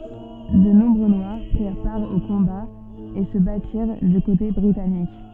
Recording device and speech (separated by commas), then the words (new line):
soft in-ear microphone, read sentence
De nombreux Noirs prirent part aux combats et se battirent du côté britannique.